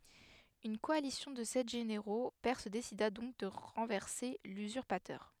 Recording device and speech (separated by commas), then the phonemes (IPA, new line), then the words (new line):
headset microphone, read sentence
yn kɔalisjɔ̃ də sɛt ʒeneʁo pɛʁs desida dɔ̃k də ʁɑ̃vɛʁse lyzyʁpatœʁ
Une coalition de sept généraux perses décida donc de renverser l'usurpateur.